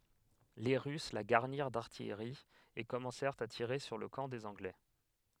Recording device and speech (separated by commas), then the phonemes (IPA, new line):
headset microphone, read sentence
le ʁys la ɡaʁniʁ daʁtijʁi e kɔmɑ̃sɛʁt a tiʁe syʁ lə kɑ̃ dez ɑ̃ɡlɛ